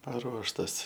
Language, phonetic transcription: Lithuanian, paˈruoštas

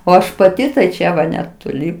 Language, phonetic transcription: Lithuanian, o ˈaš paˈti tai ˈčia va netoˈli

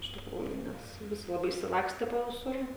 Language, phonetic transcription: Lithuanian, iš tikˈrųju ˈnes ˈvisi laˈbai išsiˈlakste po viˈsur

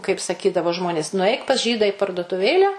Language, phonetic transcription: Lithuanian, kaip saˈkydavo ˈžmonės nuˈaik pas ˈžyda į parduotuˈvėlę

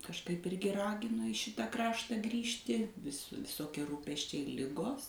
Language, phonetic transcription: Lithuanian, kažˈkaip ˈirgi ˈragino i ˈšita ˈkraštą ˈgrįžti vis viˈsokie ˈrūpesčiai ˈligos

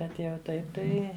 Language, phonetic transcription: Lithuanian, ˈbet jau ˈtaip ˈtai

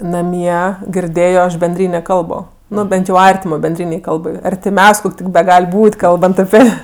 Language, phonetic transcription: Lithuanian, naˈmie girˈdėjo ˈaš benˈdrynė ˈkalbo ˈnu ˈbent jau ˈartimo benˈdrynei ˈkalbai artiˈmiaus' ˈkok' tik beˈgal' ˈbūt' ˈkalbant aˈpi

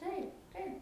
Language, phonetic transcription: Lithuanian, ˈtaip ˈtaip

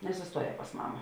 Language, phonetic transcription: Lithuanian, nesusˈtuoˌjē pas ˈmama

